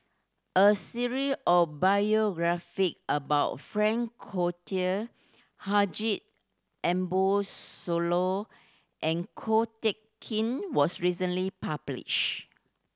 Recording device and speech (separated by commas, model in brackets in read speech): standing microphone (AKG C214), read sentence